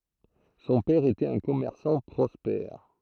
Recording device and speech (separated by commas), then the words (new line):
throat microphone, read sentence
Son père était un commerçant prospère.